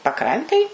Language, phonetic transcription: Lithuanian, paˈkrantėj

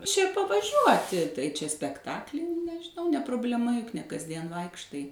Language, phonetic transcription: Lithuanian, čia pavaˈžiuoti tai čia spekˈtakli nežiˈnau ne prubleˈma juk ne kasˈdien ˈvaikštai

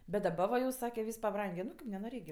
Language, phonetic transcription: Lithuanian, bet daˈba va jau ˈsake ˈvys paˈbrangė ˈnu kaip nenoˈrėk gi

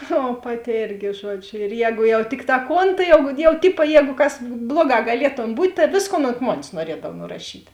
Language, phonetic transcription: Lithuanian, o ˈpaˌti ˈėrgi ˈžuoˌdžiu ir ˈjēgu jau ˈtikˌtā ˈkon tai jau jau ˈtipa ˈjēgu kas ˈbluoˌgā gaˈlietom ˈbūt' ta ˈvėsˌkon ont ˈmonės nuoˈriedav nuraˈšyt'

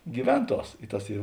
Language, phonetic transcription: Lithuanian, gyˈvenˌtuos i ˈtas ˈy

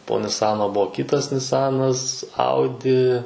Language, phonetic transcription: Lithuanian, po niˈsano ˈbuo ˈkitas niˈsanas ˈaudi

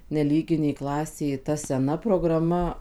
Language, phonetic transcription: Lithuanian, neˈlyginėj ˈklasėj ta seˈna prograˈma

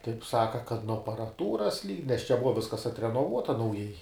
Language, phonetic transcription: Lithuanian, taip ˈsaka kad nuo aparaˈtūras lyg nes čia ˈbuva ˈviskas atrenoˈvuota nauˈjai

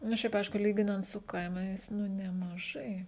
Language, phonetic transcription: Lithuanian, nu ˈšiaip ˈaišku ˈlyginant su ˈkaimais nu nemaˈžai

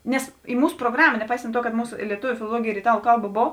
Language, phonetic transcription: Lithuanian, ˈnes į ˈmūs proˈgrama neˈpaisant ˈtuo kad ˈmūsu i lieˈtuviu filoˈluogėj ir iˈtalu ˈkalˌba ˈbov

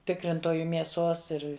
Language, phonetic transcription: Lithuanian, ˈtikrintoju mieˈsos ˈir

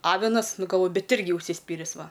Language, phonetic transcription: Lithuanian, ˈavinas ˈnu galˈvoju ˈbet ˈirgi užsiˈspyris ˈva

